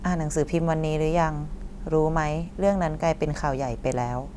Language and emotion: Thai, neutral